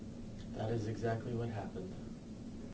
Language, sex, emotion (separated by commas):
English, male, neutral